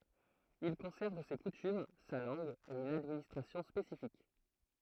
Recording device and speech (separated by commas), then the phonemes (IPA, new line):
throat microphone, read sentence
il kɔ̃sɛʁv se kutym sa lɑ̃ɡ e yn administʁasjɔ̃ spesifik